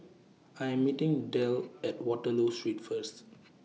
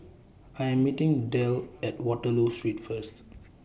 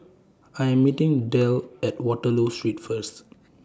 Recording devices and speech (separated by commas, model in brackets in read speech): mobile phone (iPhone 6), boundary microphone (BM630), standing microphone (AKG C214), read sentence